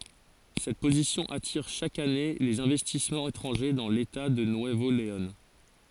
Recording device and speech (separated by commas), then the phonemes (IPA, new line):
forehead accelerometer, read sentence
sɛt pozisjɔ̃ atiʁ ʃak ane lez ɛ̃vɛstismɑ̃z etʁɑ̃ʒe dɑ̃ leta də nyəvo leɔ̃